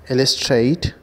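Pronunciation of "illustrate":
'illustrate' is pronounced correctly here.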